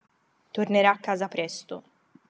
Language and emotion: Italian, neutral